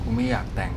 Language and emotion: Thai, frustrated